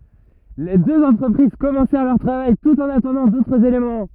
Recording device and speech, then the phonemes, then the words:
rigid in-ear microphone, read sentence
le døz ɑ̃tʁəpʁiz kɔmɑ̃sɛʁ lœʁ tʁavaj tut ɑ̃n atɑ̃dɑ̃ dotʁz elemɑ̃
Les deux entreprises commencèrent leur travail tout en attendant d'autres éléments.

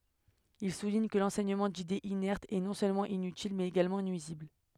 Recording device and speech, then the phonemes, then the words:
headset microphone, read sentence
il suliɲ kə lɑ̃sɛɲəmɑ̃ didez inɛʁtz ɛ nɔ̃ sølmɑ̃ inytil mɛz eɡalmɑ̃ nyizibl
Il souligne que l'enseignement d'idées inertes est, non seulement inutile, mais également nuisible.

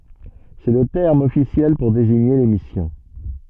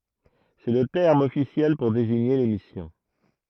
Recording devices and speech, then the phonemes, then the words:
soft in-ear microphone, throat microphone, read sentence
sɛ lə tɛʁm ɔfisjɛl puʁ deziɲe le misjɔ̃
C'est le terme officiel pour désigner les missions.

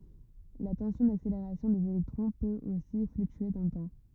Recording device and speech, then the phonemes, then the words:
rigid in-ear microphone, read sentence
la tɑ̃sjɔ̃ dakseleʁasjɔ̃ dez elɛktʁɔ̃ pøt osi flyktye dɑ̃ lə tɑ̃
La tension d'accélération des électrons peut aussi fluctuer dans le temps.

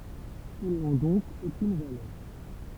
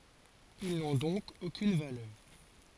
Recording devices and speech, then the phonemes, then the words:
temple vibration pickup, forehead accelerometer, read sentence
il nɔ̃ dɔ̃k okyn valœʁ
Ils n'ont donc aucune valeur.

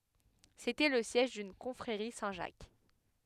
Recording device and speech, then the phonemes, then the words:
headset microphone, read sentence
setɛ lə sjɛʒ dyn kɔ̃fʁeʁi sɛ̃tʒak
C’était le siège d’une confrérie Saint-Jacques.

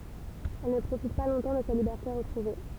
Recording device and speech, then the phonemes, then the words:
temple vibration pickup, read sentence
ɛl nə pʁofit pa lɔ̃tɑ̃ də sa libɛʁte ʁətʁuve
Elle ne profite pas longtemps de sa liberté retrouvée.

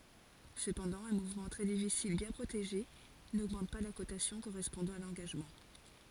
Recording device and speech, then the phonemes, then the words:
forehead accelerometer, read sentence
səpɑ̃dɑ̃ œ̃ muvmɑ̃ tʁɛ difisil bjɛ̃ pʁoteʒe noɡmɑ̃t pa la kotasjɔ̃ koʁɛspɔ̃dɑ̃ a lɑ̃ɡaʒmɑ̃
Cependant, un mouvement très difficile bien protégé n'augmente pas la cotation correspondant à l'engagement.

